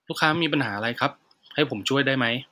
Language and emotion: Thai, neutral